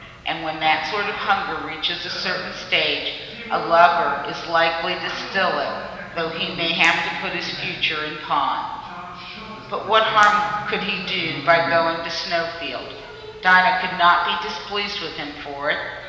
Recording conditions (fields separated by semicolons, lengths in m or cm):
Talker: one person; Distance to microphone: 1.7 m; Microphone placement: close; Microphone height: 1.0 m; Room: very reverberant, large; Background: television